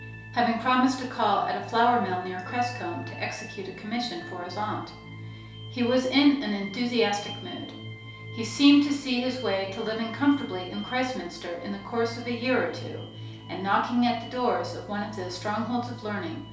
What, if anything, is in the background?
Music.